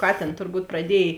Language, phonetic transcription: Lithuanian, ˈkatėn turˈbūt praˈdiej

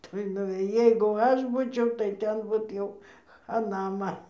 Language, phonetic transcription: Lithuanian, ˈtoj nuvėˈjai jeigu ˈaš ˈbūčiau tai ˈten but ˈjau chaˈna ˈman

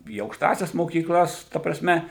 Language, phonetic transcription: Lithuanian, į aukšˈtąsias mokykˈlas ˈta praˈsme

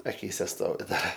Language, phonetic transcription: Lithuanian, aˈkyse ˈstovi ˈdar

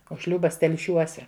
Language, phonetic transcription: Lithuanian, o ˈšliūbas telˈšiuose

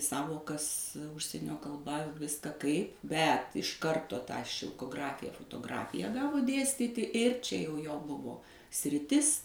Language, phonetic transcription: Lithuanian, ˈsąvokas ˈužsienio kalˈba ˈviska kaip ˈbet iš ˈkarto tą šilkoˈgrafija fotoˈgrafija ˈgavo ˈdėstyti ˈir čia jau jo ˈbuvo sriˈtis

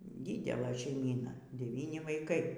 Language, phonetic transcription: Lithuanian, ˈdidelɘ šeiˈmyna deˈvyni vaiˈkai

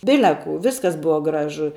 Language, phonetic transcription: Lithuanian, ˈbile kū ˈviskas ˈbuva ˈgražu

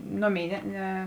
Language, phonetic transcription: Lithuanian, ˈnoˌmėi ˈne ˈne

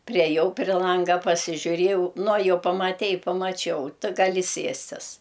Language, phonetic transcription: Lithuanian, priaˈjau pri ˈlanga pasižiuˈriejau nu a ˈjau pamaˈtei pamaˈčiau ˈtɨ gaˈli ˈsiestis

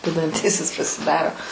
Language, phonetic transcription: Lithuanian, vedanˈtysis pasiˈdaro

